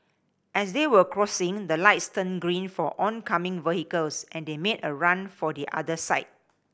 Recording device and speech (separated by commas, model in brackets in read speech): boundary microphone (BM630), read sentence